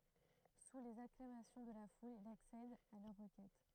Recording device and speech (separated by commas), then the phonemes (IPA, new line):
throat microphone, read sentence
su lez aklamasjɔ̃ də la ful il aksɛd a lœʁ ʁəkɛt